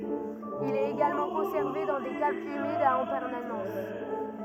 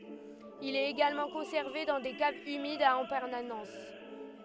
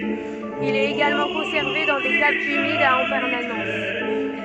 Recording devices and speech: rigid in-ear microphone, headset microphone, soft in-ear microphone, read sentence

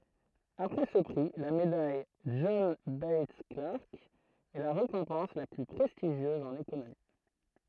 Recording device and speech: throat microphone, read sentence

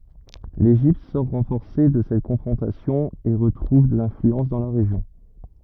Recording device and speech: rigid in-ear microphone, read sentence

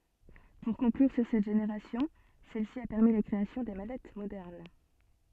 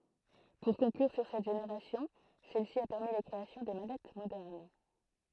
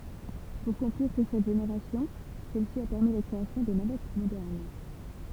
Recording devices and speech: soft in-ear microphone, throat microphone, temple vibration pickup, read sentence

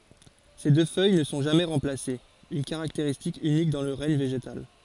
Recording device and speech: forehead accelerometer, read sentence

